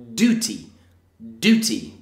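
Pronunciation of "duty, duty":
'Duty' is said twice in the American English way, with just an oo sound and no y sound in front of it.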